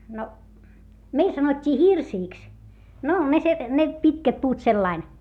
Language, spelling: Finnish, no meillä sanottiin hirsiksi no ne - ne pitkät puut sillä lailla
- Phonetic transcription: no , meil sanot́t́ii hirsiiks , no ne se- , ne , pitkät puut sellain .

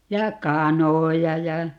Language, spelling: Finnish, ja kanoja ja
- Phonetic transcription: 'ja "kanoja ja ,.

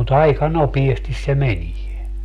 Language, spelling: Finnish, mutta aika nopeasti se menee
- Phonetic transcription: mut 'aika "nopiestis se "menie .

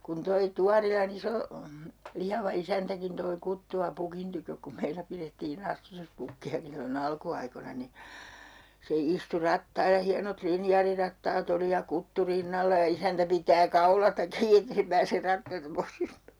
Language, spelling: Finnish, kun toi Tuorilan iso lihava isäntäkin toi kuttua pukin tykö kun meillä pidettiin astutuspukkiakin silloin alkuaikoina niin se istui rattailla hienot linjaarirattaat oli ja kuttu rinnalla ja isäntä pitää kaulasta kiinni että ei se pääse rattailta pois hyppäämään
- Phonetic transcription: kun toi 'Tuarila'n ‿iso , 'lihava 'isäntäkin toi 'kuttu₍a 'pukin tykök kum 'meilä pirettii"n ‿astutuspukki₍aki sillo'n ‿alku₍aikona ni , se 'istu 'rattailla 'hianot "linjaarirattaat ‿oli ja 'kuttu 'rinnalla ja 'isäntä pitää "kaulasta 'kii 'ette se pääser 'rattailta 'pois (hyppään) .

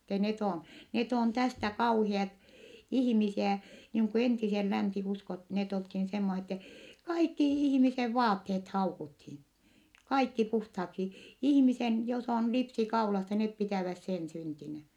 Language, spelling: Finnish, että ne on ne on tästä kauheat ihmisiä niin kuin entisen länsiuskot ne oltiin semmoisen että kaikki ihmisen vaatteet haukuttiin kaikki puhtaaksi ihmisen jos on lipsi kaulassa ne pitävät sen syntinä
- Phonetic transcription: ettɛ net ‿on , net ‿on tästä kauhiat , ihⁱmisiä , niiŋ ku entisel länsi₍uskot , net olthin semmose ‿ttɛ , kaikki ihmisev vaatteet haukuthin , kaikki puhthaksi , ihⁱmisen , jos ‿on lipsi kaulassa , net pitä̀väs sen syntinä .

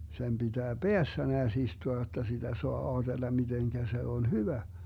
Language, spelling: Finnish, sen pitää päässä näet istua jotta sitä saa ajatella miten se on hyvä
- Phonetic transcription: sem 'BiDää "Beässä neäs 'istua jotta siDä 'soa 'aaDella 'miDeŋGä se on "hyvä .

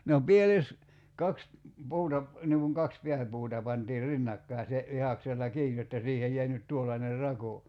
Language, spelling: Finnish, no pieles kaksi puuta - niin kuin kaksi pääpuuta pantiin rinnakkain se vihdaksella kiinni jotta siihen jäi nyt tuollainen rako
- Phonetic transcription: no 'pieles , 'kaks , 'puuta ‿p- , niŋ kuŋ 'kaks "piäpuuta pantiir 'rinnakkai̬ se , 'vihaksella "kiij jotta 'siihej jäi nyt 'tuollaner "rako .

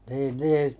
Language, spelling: Finnish, niin niin
- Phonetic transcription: niin 'nii .

